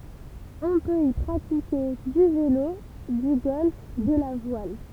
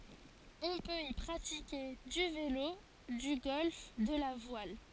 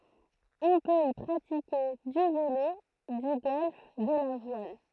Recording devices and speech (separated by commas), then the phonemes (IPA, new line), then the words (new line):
temple vibration pickup, forehead accelerometer, throat microphone, read sentence
ɔ̃ pøt i pʁatike dy velo dy ɡɔlf də la vwal
On peut y pratiquer du vélo, du golf, de la voile.